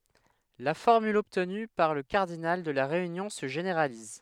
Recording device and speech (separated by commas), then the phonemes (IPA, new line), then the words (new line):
headset microphone, read sentence
la fɔʁmyl ɔbtny puʁ lə kaʁdinal də la ʁeynjɔ̃ sə ʒeneʁaliz
La formule obtenue pour le cardinal de la réunion se généralise.